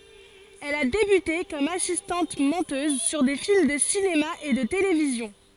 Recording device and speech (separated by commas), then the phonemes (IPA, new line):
forehead accelerometer, read sentence
ɛl a debyte kɔm asistɑ̃t mɔ̃tøz syʁ de film də sinema e də televizjɔ̃